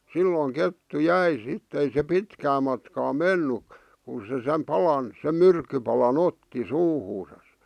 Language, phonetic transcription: Finnish, 'sillòⁱŋ "kettu "jäi sittᵉ ei se 'pitkää matkaa "menny , kun̬ se sem 'palan , sem "myrkkypalan "otti "suuhuusas .
- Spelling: silloin kettu jäi sitten ei se pitkää matkaa mennyt kun se sen palan sen myrkkypalan otti suuhunsa

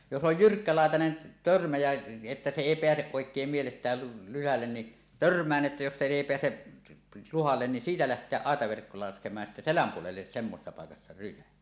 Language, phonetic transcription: Finnish, jos 'oj "jyrkkälàetanen 'törmä jä , että se 'èi 'peäseˀ 'ˀòek̀eem mielest̀ääl lyhällen ni , "törm̀ään 'ˀettä jos se 'èi "peäse , 'luhallen ni "siitä 'läht̀eäˀ 'ˀàetaverkko laskem̀aaj ja sittä "seläm 'puolelles semmosessa pàekassa 'rysä .
- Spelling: jos on jyrkkälaitainen törmä ja että se ei pääse oikein mielestään luhalle niin törmään että jos se ei pääse luhalle niin siitä lähteä aitaverkko laskemaan ja sitten selän puolelle semmoisessa paikassa rysä

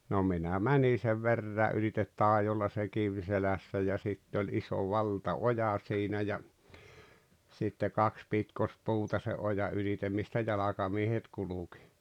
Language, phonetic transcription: Finnish, no 'minä "mäni sev 'verrää’ ’ylitet 'tàejolla se "kiv 'selässä ja 'sitte oĺ 'iso "valta"oja siinä ja , sitte 'kaks 'pitkospuuta se "oja 'ulitem mistä "jalakamiehet 'kulukɪ .
- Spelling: no minä menin sen veräjän ylitse taidolla se kivi selässä ja sitten oli iso valtaoja siinä ja sitten kaksi pitkospuuta sen ojan ylitse mistä jalkamiehet kulki

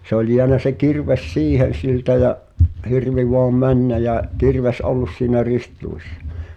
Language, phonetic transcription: Finnish, se ‿ol jeänä se 'kirves "siihen̬ 'siltä jä’ , 'hirvi voam "männä jä’ , 'kirves "’ollus siinä 'rist-luissa .
- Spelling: se oli jäänyt se kirves siihen siltä ja hirvi vain mennä ja kirves ollut siinä ristiluissa

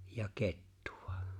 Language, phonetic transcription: Finnish, 'ja "kettᴜ₍ᴀ .
- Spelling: ja kettua

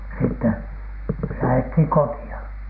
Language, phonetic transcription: Finnish, sitteN , lähethiŋ koti₍a .
- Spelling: sitten lähdettiin kotiin

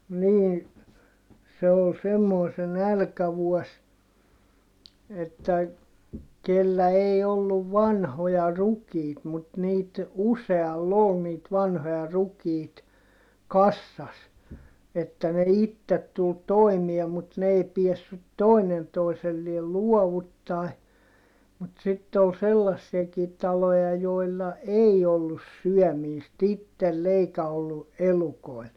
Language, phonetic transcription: Finnish, nii , se ol semmoi se nälkävuɔs , että , kellä ei olluv vanhoja rukiit mut - niit , useall ‿ol niit vanhoja rukiit , kassas , että ne ittet tul toimie mut n ‿ei piessyt tòinen toiselliel luɔvuttài , mut sitte ‿ol sellassiɛkii taloja jòilla ei ollus syɔ̈̀miist ‿ittell ‿eikä ollu , elukoi̮l .
- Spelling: niin se oli semmoinen se nälkävuosi että kenellä ei ollut vanhoja rukiita mutta niitä usealla oli niitä vanhoja rukiita kasassa että ne itse tuli toimeen mutta ne ei päässyt toinen toiselleen luovuttamaan mutta sitten oli sellaisiakin taloja joilla ei ollut syömistä itsellä eikä ollut elukoilla

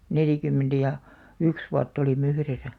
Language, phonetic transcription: Finnish, 'nelìkym̆§mentä ja , "yks 'vuatt ‿olim̆§'m ‿yhresä .
- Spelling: neljäkymmentä ja yksi vuotta olimme yhdessä

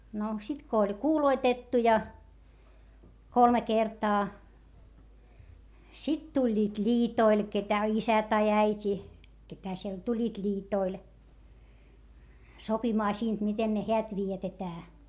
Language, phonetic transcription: Finnish, no sit ko oĺ kuuloitettu ja , kolme kertaa , sit tuĺĺiit ĺiitoil ketä isä tai äit́i , ketä siel tuĺĺiit ĺiitoil , sopimaa siint miten ne heät vietetää .
- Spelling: no sitten kun oli kuuloitettu ja kolme kertaa sitten tulivat liitoille ketä isä tai äiti ketä siellä tulivat liitoille sopimaan siitä miten ne häät vietetään

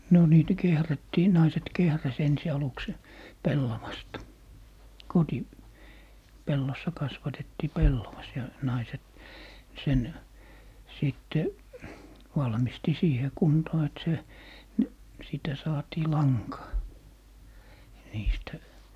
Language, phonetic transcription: Finnish, 'no niitä 'kehrättii , 'naiset "kehräs 'ensi 'aluks se , "pellavasta , 'koti- , -'pellossa 'kasvatettii "pellovas , ja 'naiset , 'sen , 'sìtte , 'valmisti "siihe 'kuntoo et se , ni- , sìtä , 'saatii "laŋkaa , 'niistä .
- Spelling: no niitä kehrättiin naiset kehräsi ensi aluksi sen pellavasta - kotipellossa kasvatettiin pellavas ja naiset sen sitten valmisti siihen kuntoon että se - siitä saatiin lankaa niistä

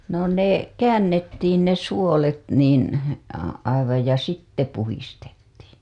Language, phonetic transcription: Finnish, no ne , "käännettiin ne 'suolet niin , a- , aivaj ja 'sitte puhistettii .
- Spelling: no ne käännettiin ne suolet niin - aivan ja sitten puhdistettiin

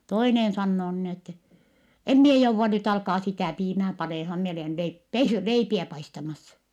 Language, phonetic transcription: Finnish, toinen sannoo nin ‿ettɛ , » em mie jouvva nyt alkaa sitä̀ piimää panèhan mi olèn lei- , pe(sy) , leipiä paistamas .
- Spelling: toinen sanoo niin että en minä jouda nyt alkaa sitä piimää panemaan minä olen - - leipiä paistamassa

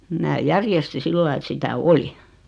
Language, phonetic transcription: Finnish, mää 'järjesti 'sillai et 'sitä "oli .
- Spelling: minä järjestin sillä lailla että sitä oli

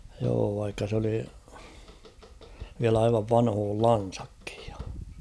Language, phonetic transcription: Finnish, joo vaikka s ‿oli , viäl ‿aivav 'vanhool'lan̬sᴀkkɪᴊ ᴊᴀ .
- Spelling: joo vaikka se oli vielä aivan vanhoillansakin ja

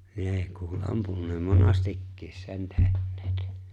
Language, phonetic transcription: Finnish, 'nee kuul "’ampunneem "monastikkiis 'sen 'te̬hǹᴇᴇt .
- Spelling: ne kuuli ampuneen monastikin sen tehneet

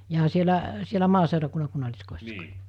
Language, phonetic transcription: Finnish, jaa sielä , sielä 'maaseurakunna 'kunnaĺiskòissako ?
- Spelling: jaa siellä siellä maaseurakunnan kunnalliskodissako

